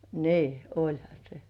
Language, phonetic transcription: Finnish, nii , "oĺha 'se .
- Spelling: niin olihan se

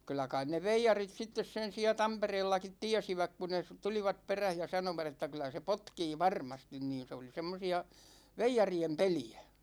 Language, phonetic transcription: Finnish, 'kyllä kain ne "veijarit 'sittes sen̬ siä "Tampereellakit 'tiɛsiväk ku ne sᵘ- "tulivat̳§ 'peräh ja 'sanovat ‿että » kyl̆lä se "potkii 'varmastin « niin̬ se oli 'semmosi₍a , "veijari₍em 'peli₍Ä .
- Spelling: kyllä kai ne veijarit sitten sen siellä Tampereellakin tiesivät kun ne - tulivat perässä ja sanoivat että kyllä se potkii varmasti niin se oli semmoisia veijarien peliä

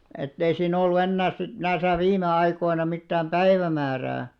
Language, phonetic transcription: Finnish, ettei sii'n ‿ollu 'ennääs̆§ sit 'näⁱsä 'viime 'aikoina mittääm "päivämäärää .
- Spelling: että ei siinä ollut enää sitten näissä viime aikoina mitään päivämäärää

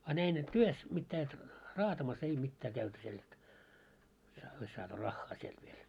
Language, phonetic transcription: Finnish, a 'näin et 'työs , 'mittää et , "raatamas 'ei 'mittää käyty siel et , ja ois saatu "raχχaa sielt viel .
- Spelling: a näin että työssä mitään että raatamassa ei mitään käyty siellä että ja olisi saatu rahaa sieltä vielä

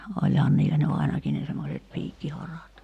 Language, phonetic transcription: Finnish, 'oĺhaaⁿ niillä ny 'ainaki ne semmoset 'piikkiharat .
- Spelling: olihan niillä nyt ainakin ne semmoiset piikkiharat

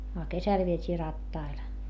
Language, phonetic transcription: Finnish, a kesäl viet́ii rattail .
- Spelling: a kesällä vietiin rattailla

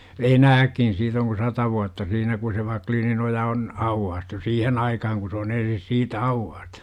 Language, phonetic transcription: Finnish, enääkkin siit ‿oŋ ku 'sata vuatta siinä ku se 'Vakliininoja on , "auwwaastu "siihen aikahaŋ ku s ‿oon 'ensis "siitä 'auwwaa(s)t(u) .
- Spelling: enääkin siitä on kuin sata vuotta siinä kun se Wacklininoja on aukaistu siihen aikaan kun se on ensin siitä aukaistu

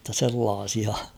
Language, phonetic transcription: Finnish, [jot]ta 'sellaasia ...
- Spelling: jotta sellaisia

